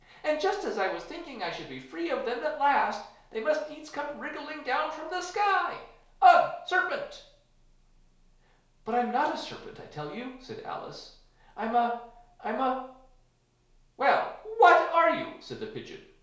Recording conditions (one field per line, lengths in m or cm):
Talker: one person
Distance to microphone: 1.0 m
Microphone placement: close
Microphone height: 1.1 m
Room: small (3.7 m by 2.7 m)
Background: none